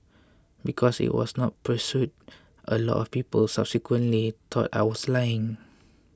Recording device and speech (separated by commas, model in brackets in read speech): close-talking microphone (WH20), read sentence